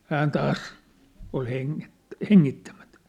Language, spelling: Finnish, hän taas oli - hengittämättä
- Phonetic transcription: 'hään 'taas , ol heŋŋet- , "heŋŋittämᴀ̈tᴀ̈ .

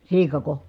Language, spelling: Finnish, siikako
- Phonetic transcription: siikako ?

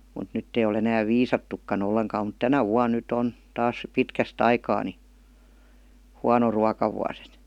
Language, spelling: Finnish, mutta nyt ei ole enää viisattukaan ollenkaan mutta tänä vuonna nyt on taas pitkästä aikaa niin huono ruokavuosi että
- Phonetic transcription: mut 'nytt ‿ei ol ‿enääv "viisattukka'n ‿olleŋkaam mut "tänä 'vuan̆ nyt'ᵗ ‿on , 'taas , "pitkäst ‿aikaa ni , 'huano 'ruakavuas ‿et .

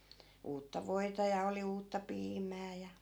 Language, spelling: Finnish, uutta voita ja oli uutta piimää ja
- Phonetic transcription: 'uutta "voi̮ta ja 'oli uutta "piimää ja .

